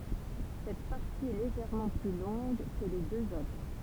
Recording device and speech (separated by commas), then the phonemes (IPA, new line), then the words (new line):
temple vibration pickup, read sentence
sɛt paʁti ɛ leʒɛʁmɑ̃ ply lɔ̃ɡ kə le døz otʁ
Cette partie est légèrement plus longue que les deux autres.